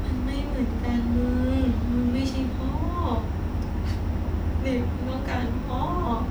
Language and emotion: Thai, sad